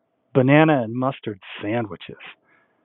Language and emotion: English, disgusted